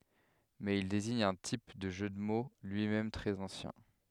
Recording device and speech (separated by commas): headset microphone, read sentence